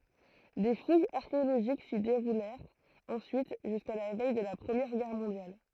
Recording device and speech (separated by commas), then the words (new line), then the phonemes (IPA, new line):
throat microphone, read sentence
Des fouilles archéologiques s'y déroulèrent ensuite jusqu'à la veille de la Première Guerre mondiale.
de fujz aʁkeoloʒik si deʁulɛʁt ɑ̃syit ʒyska la vɛj də la pʁəmjɛʁ ɡɛʁ mɔ̃djal